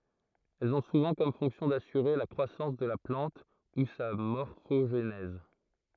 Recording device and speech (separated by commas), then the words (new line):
throat microphone, read sentence
Elles ont souvent comme fonction d'assurer la croissance de la plante ou sa morphogenèse.